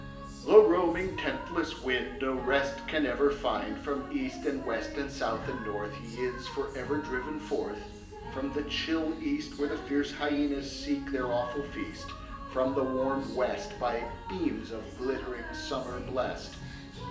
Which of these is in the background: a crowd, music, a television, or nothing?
Music.